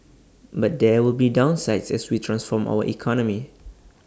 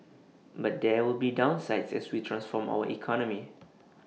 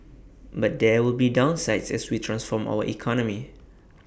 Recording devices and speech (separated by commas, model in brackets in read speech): standing microphone (AKG C214), mobile phone (iPhone 6), boundary microphone (BM630), read sentence